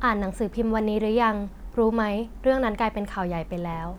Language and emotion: Thai, neutral